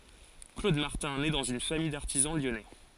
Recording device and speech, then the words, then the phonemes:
forehead accelerometer, read sentence
Claude Martin naît dans une famille d'artisans lyonnais.
klod maʁtɛ̃ nɛ dɑ̃z yn famij daʁtizɑ̃ ljɔnɛ

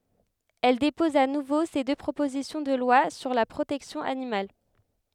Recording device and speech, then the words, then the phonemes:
headset microphone, read sentence
Elle dépose à nouveau ces deux propositions de loi sur la protection animale.
ɛl depɔz a nuvo se dø pʁopozisjɔ̃ də lwa syʁ la pʁotɛksjɔ̃ animal

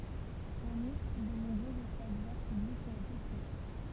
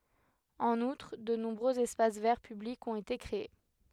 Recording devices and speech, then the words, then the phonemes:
temple vibration pickup, headset microphone, read sentence
En outre, de nombreux espaces verts publics ont été créés.
ɑ̃n utʁ də nɔ̃bʁøz ɛspas vɛʁ pyblikz ɔ̃t ete kʁee

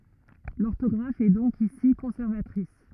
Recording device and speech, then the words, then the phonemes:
rigid in-ear microphone, read sentence
L'orthographe est donc ici conservatrice.
lɔʁtɔɡʁaf ɛ dɔ̃k isi kɔ̃sɛʁvatʁis

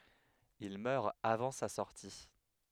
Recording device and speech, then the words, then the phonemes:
headset microphone, read sentence
Il meurt avant sa sortie.
il mœʁ avɑ̃ sa sɔʁti

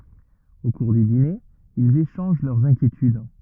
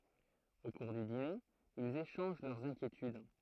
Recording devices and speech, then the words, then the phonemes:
rigid in-ear microphone, throat microphone, read sentence
Au cours du dîner, ils échangent leurs inquiétudes.
o kuʁ dy dine ilz eʃɑ̃ʒ lœʁz ɛ̃kjetyd

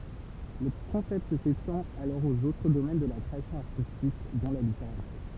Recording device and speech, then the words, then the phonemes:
temple vibration pickup, read sentence
Le concept s'étend alors aux autres domaines de la création artistique, dont la littérature.
lə kɔ̃sɛpt setɑ̃t alɔʁ oz otʁ domɛn də la kʁeasjɔ̃ aʁtistik dɔ̃ la liteʁatyʁ

